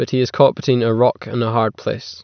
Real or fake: real